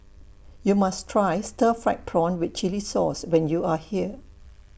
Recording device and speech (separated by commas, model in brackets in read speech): boundary microphone (BM630), read sentence